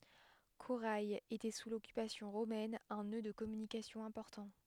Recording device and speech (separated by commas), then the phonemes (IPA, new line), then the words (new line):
headset microphone, read sentence
koʁɛ etɛ su lɔkypasjɔ̃ ʁomɛn œ̃ nø də kɔmynikasjɔ̃ ɛ̃pɔʁtɑ̃
Coray était sous l'occupation romaine un nœud de communication important.